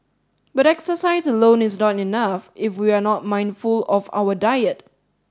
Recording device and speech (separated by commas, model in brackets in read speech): standing microphone (AKG C214), read sentence